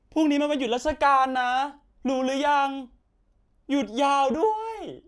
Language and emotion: Thai, happy